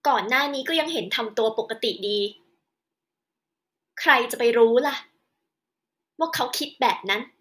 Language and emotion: Thai, frustrated